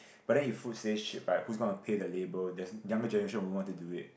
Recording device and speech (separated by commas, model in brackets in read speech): boundary microphone, conversation in the same room